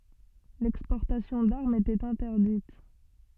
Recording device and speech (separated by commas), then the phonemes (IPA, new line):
soft in-ear microphone, read sentence
lɛkspɔʁtasjɔ̃ daʁmz etɛt ɛ̃tɛʁdit